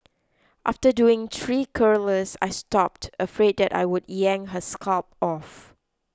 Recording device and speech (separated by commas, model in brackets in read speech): close-talking microphone (WH20), read sentence